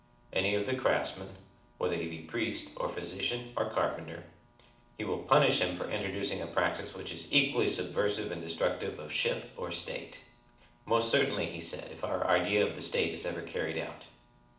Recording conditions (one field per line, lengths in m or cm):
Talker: one person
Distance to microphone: 2.0 m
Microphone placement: close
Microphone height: 99 cm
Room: medium-sized (5.7 m by 4.0 m)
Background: none